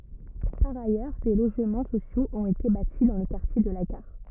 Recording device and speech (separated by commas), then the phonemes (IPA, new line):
rigid in-ear microphone, read sentence
paʁ ajœʁ de loʒmɑ̃ sosjoz ɔ̃t ete bati dɑ̃ lə kaʁtje də la ɡaʁ